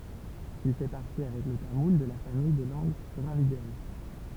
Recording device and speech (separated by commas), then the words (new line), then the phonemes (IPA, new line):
temple vibration pickup, read sentence
Il fait partie, avec le tamoul, de la famille des langues dravidiennes.
il fɛ paʁti avɛk lə tamul də la famij de lɑ̃ɡ dʁavidjɛn